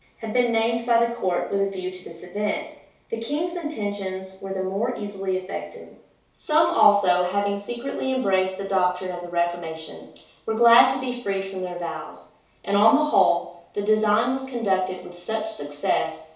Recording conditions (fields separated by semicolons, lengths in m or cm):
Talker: one person; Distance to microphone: 3.0 m; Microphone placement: far; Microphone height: 1.8 m; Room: small (3.7 m by 2.7 m); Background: none